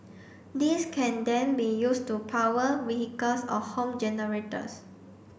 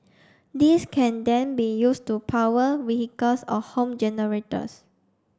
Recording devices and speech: boundary microphone (BM630), standing microphone (AKG C214), read sentence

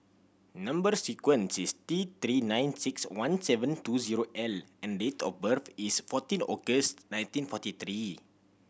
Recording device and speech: boundary microphone (BM630), read sentence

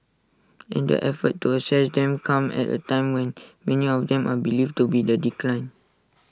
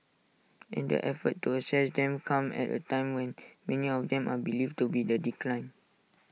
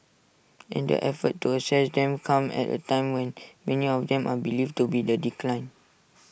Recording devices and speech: standing microphone (AKG C214), mobile phone (iPhone 6), boundary microphone (BM630), read sentence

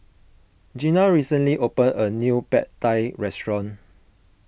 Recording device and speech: boundary microphone (BM630), read sentence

